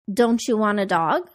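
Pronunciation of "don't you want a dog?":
In 'don't you', the t at the end of 'don't' joins the y of 'you' to make a ch sound. 'You' is unstressed and sounds like 'ya', so it's heard as 'don't ya'.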